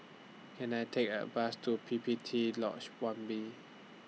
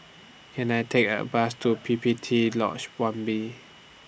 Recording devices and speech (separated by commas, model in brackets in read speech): mobile phone (iPhone 6), boundary microphone (BM630), read sentence